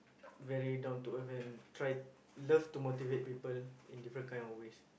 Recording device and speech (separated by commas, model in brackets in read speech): boundary microphone, conversation in the same room